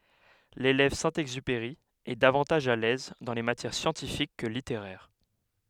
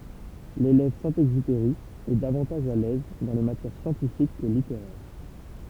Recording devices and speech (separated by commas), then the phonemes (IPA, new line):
headset microphone, temple vibration pickup, read sentence
lelɛv sɛ̃ ɛɡzypeʁi ɛ davɑ̃taʒ a lɛz dɑ̃ le matjɛʁ sjɑ̃tifik kə liteʁɛʁ